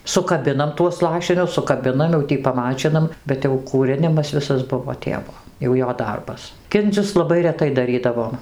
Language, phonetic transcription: Lithuanian, sukaˈbinam tuos ˈlašinius sukaˈbinam jau ˈtį paˈmačinam bet jau kūˈrinimas ˈvisas ˈbuvo ˈtėvo jau ˈjo ˈdarbas ˈkindzius laˈbai reˈtai daˈrydavom

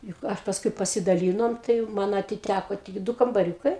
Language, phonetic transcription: Lithuanian, juk ˈa pasˈkui pasidaˈlynom tai jau ˈman atiˈtæko tik ˈdu kambaˈriūkai

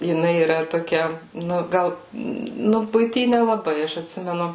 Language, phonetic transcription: Lithuanian, jiˈnai yˈra toˈkia ˈnu ˈgal ˈnu buiˈty nelaˈbai ˈaš atˈsimenu

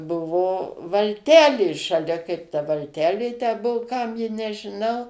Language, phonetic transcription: Lithuanian, ˈbuvo valˈtelė šaˈlia kaip ta valˈtelė tę ˈbuo ˈkam ji nežiˈnau

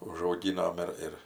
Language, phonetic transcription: Lithuanian, užauˈgynom ˈ ir ir

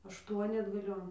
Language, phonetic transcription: Lithuanian, ašˈtuoni atgaˈlion

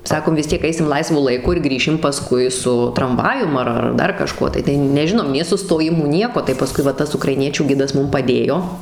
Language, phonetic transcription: Lithuanian, ˈsakom vis ˈtiek ˈaisim ˈlaisvu laiˈku ir ˈgrįšim paˈskui su tramˈvajum ar ar ˈdar kaˈžkuo tai tai neˈžinom nė sustoˈjimų ˈnieko tai paˈskui va ˈtas ukraiˈniečių ˈgidas ˈmum paˈdėjo

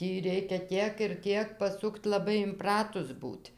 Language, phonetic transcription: Lithuanian, ˈtį ˈreikia ˈtiek ir ˈtiek paˈsukt laˈbai imˈpratus ˈbūt'

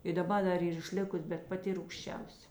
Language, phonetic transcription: Lithuanian, i daˈba da ˈyr išˈlikus bet paˈti rūgšˈčiausia

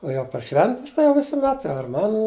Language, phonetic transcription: Lithuanian, o jau par ˈšventis tai jau visuˈmet ar ˈmaˌnų

